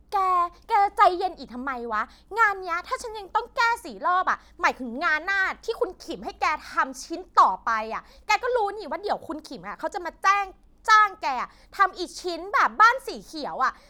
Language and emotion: Thai, angry